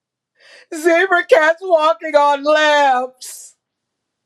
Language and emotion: English, sad